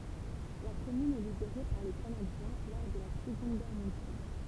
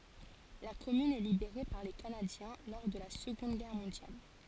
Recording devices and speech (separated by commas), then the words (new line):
temple vibration pickup, forehead accelerometer, read sentence
La commune est libérée par les Canadiens lors de la Seconde Guerre mondiale.